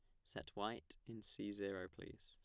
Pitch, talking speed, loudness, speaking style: 100 Hz, 180 wpm, -49 LUFS, plain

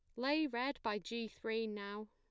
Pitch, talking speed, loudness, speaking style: 225 Hz, 190 wpm, -40 LUFS, plain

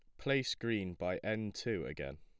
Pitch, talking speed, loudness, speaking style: 100 Hz, 180 wpm, -38 LUFS, plain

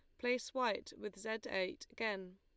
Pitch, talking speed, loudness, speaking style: 220 Hz, 165 wpm, -40 LUFS, Lombard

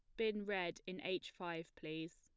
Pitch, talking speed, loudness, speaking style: 175 Hz, 185 wpm, -44 LUFS, plain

